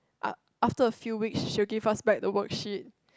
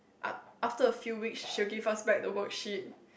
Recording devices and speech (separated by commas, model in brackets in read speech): close-talking microphone, boundary microphone, conversation in the same room